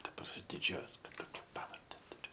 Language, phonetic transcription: Lithuanian, daˈbar diˈdžiuojos kad ˈtokia ˈpavarde tuˈriu

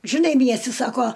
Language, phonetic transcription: Lithuanian, žiˈnai ˈmiesti ˈsako

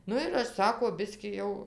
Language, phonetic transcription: Lithuanian, ˈnu ir ˈaš ˈsako ˈbiskį jau

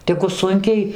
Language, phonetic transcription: Lithuanian, ˈtegu ˈsunkiai

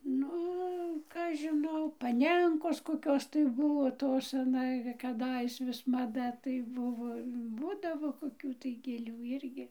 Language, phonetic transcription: Lithuanian, ˈnu ˈka aš žiˈnau paˈnenkos koˈkios tai ˈbuvo ˈtos aˈna kaˈdais vis maˈda tai ˈbuvo ˈbūdavo koˈkių tai gėˈlių ˈirgi

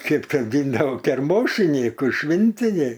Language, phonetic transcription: Lithuanian, ˈkip kaˈdyndavo kerˈmošinyku ˈšvintiniai

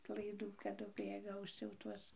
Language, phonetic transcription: Lithuanian, laiˈdų kaˈdu kai ˈjie ˈgaus jau ˈtuos

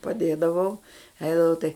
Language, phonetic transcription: Lithuanian, paˈdėdavau ˈeidavau tai

